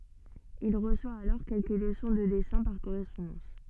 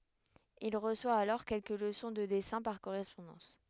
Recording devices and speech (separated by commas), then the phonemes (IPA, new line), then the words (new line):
soft in-ear microphone, headset microphone, read sentence
il ʁəswa alɔʁ kɛlkə ləsɔ̃ də dɛsɛ̃ paʁ koʁɛspɔ̃dɑ̃s
Il reçoit alors quelques leçons de dessins par correspondance.